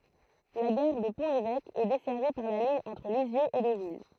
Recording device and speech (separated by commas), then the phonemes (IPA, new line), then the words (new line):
throat microphone, read sentence
la ɡaʁ də pɔ̃ levɛk ɛ dɛsɛʁvi paʁ la liɲ ɑ̃tʁ lizjøz e dovil
La gare de Pont-l'Évêque, est desservie par la ligne entre Lisieux et Deauville.